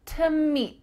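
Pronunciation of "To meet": In 'to meet', the word 'to' is reduced to just a t sound, with its vowel gone.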